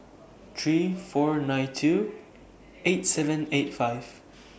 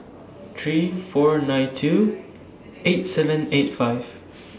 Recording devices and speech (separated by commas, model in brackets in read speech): boundary microphone (BM630), standing microphone (AKG C214), read sentence